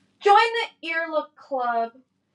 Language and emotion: English, sad